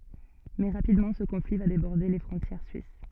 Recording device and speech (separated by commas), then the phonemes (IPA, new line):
soft in-ear microphone, read sentence
mɛ ʁapidmɑ̃ sə kɔ̃fli va debɔʁde le fʁɔ̃tjɛʁ syis